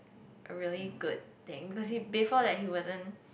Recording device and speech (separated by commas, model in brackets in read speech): boundary microphone, conversation in the same room